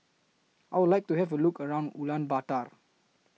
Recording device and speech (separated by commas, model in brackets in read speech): mobile phone (iPhone 6), read sentence